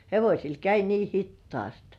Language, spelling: Finnish, hevosilla kävi niin hitaasti
- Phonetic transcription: 'hevośil käi 'nii "hittŏàst .

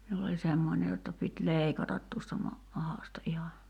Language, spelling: Finnish, minulla oli semmoinen jotta piti leikata tuosta - mahasta ihan
- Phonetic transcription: miul ‿oĺ 'semmońe jotta pit "lèikatat tuosta 'ma- , 'mahàsta '’iha .

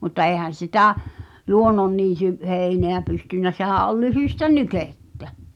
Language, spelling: Finnish, mutta eihän sitä luonnonniityn heinää pystynyt sehän oli lyhyttä nykettä
- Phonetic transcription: mutta 'eehän̬ 'sitä , 'luonnonniity , 'hèineä pystynnä sehä̀’ ’ol 'lyhỳstä "nykèttä .

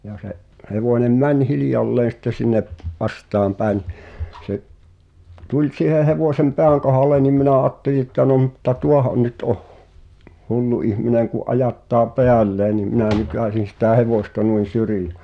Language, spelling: Finnish, ja se hevonen meni hiljalleen sitten sinne vastaanpäin no se tuli siihen hevosen pään kohdalle niin minä ajattelin että no mutta tuohan nyt on hullu ihminen kun ajattaa päälleen niin minä nykäisin sitä hevosta niin - syrjään
- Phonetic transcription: ja se’ , 'hevònem "män 'hilⁱjalleen̬ sⁱtte sinne’ , 'vastaampä̀e nⁱ , se’ , tuĺ 'si̳he 'hevòsem "peäŋ kohàlen nim minä 'àtteli ᵉttä no mutta "tuohaⁿ nyt oh , 'hullu ihmineŋ ku’ '’ajattaa "peälleen nim minä̀ 'nykä̀sin sitä̀ "hevòsta nuin̬ 'syri (ᴊᴀ̈) .

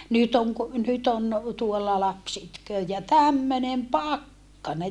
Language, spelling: Finnish, nyt on - nyt on tuolla lapsi itkee ja tämmöinen pakkanen
- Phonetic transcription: nyt ‿oŋ ku- , nyt ‿on , tuolla laps itköö ja tämmönem pakkane !

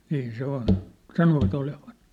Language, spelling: Finnish, niin se on sanovat olevan
- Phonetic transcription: 'niin 'se ‿on , "sanova't ‿olevan .

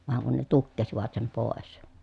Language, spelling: Finnish, vaan kun ne tukkivat sen pois
- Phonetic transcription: vaŋ kun ne tukkesivat sem pòes .

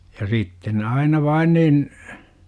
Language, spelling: Finnish, ja sitten ne aina vain niin
- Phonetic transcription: ja 'sitten ne 'aina "vain nin ,.

